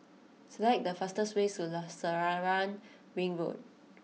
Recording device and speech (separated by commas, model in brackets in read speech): mobile phone (iPhone 6), read sentence